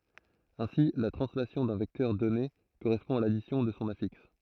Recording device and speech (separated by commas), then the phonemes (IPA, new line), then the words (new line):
throat microphone, read sentence
ɛ̃si la tʁɑ̃slasjɔ̃ dœ̃ vɛktœʁ dɔne koʁɛspɔ̃ a ladisjɔ̃ də sɔ̃ afiks
Ainsi, la translation d'un vecteur donné correspond à l'addition de son affixe.